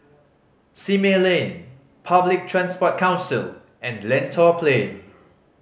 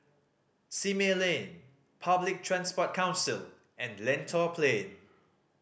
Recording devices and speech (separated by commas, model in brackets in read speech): mobile phone (Samsung C5010), boundary microphone (BM630), read sentence